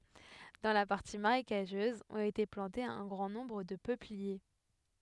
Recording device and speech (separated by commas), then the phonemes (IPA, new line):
headset microphone, read sentence
dɑ̃ la paʁti maʁekaʒøz ɔ̃t ete plɑ̃tez œ̃ ɡʁɑ̃ nɔ̃bʁ də pøplie